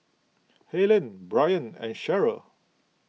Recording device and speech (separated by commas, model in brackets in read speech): mobile phone (iPhone 6), read sentence